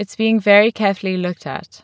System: none